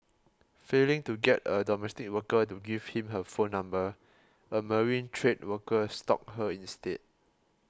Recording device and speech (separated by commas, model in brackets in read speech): close-talking microphone (WH20), read sentence